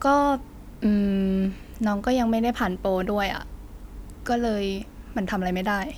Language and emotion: Thai, frustrated